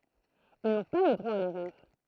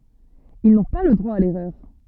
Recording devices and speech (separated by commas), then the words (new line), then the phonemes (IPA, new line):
throat microphone, soft in-ear microphone, read sentence
Ils n'ont pas le droit à l'erreur.
il nɔ̃ pa lə dʁwa a lɛʁœʁ